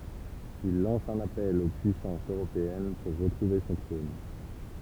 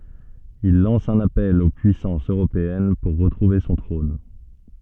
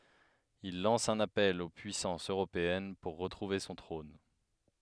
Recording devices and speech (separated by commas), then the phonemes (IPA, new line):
temple vibration pickup, soft in-ear microphone, headset microphone, read sentence
il lɑ̃s œ̃n apɛl o pyisɑ̃sz øʁopeɛn puʁ ʁətʁuve sɔ̃ tʁɔ̃n